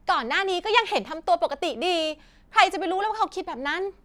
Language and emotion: Thai, angry